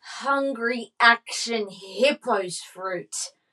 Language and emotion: English, disgusted